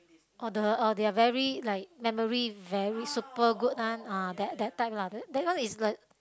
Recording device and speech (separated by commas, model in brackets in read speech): close-talking microphone, conversation in the same room